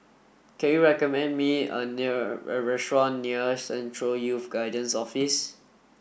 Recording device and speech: boundary microphone (BM630), read sentence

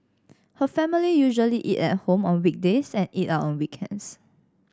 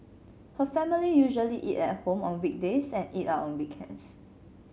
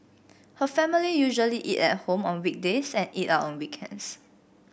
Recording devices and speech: standing microphone (AKG C214), mobile phone (Samsung C7), boundary microphone (BM630), read sentence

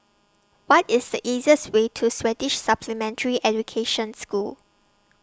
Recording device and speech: standing microphone (AKG C214), read sentence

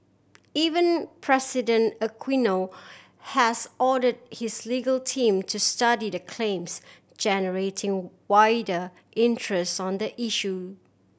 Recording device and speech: boundary microphone (BM630), read sentence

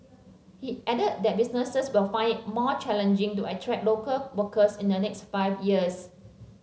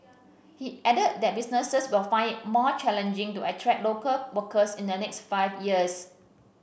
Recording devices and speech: mobile phone (Samsung C7), boundary microphone (BM630), read sentence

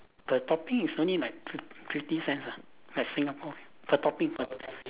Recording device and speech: telephone, conversation in separate rooms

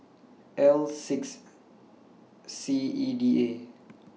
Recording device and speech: mobile phone (iPhone 6), read sentence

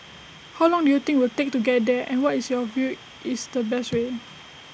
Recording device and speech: boundary microphone (BM630), read sentence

